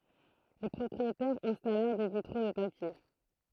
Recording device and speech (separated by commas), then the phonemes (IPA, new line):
throat microphone, read sentence
le pʁɔpʁietɛʁz ɛ̃stalɛʁ de vitʁo də papje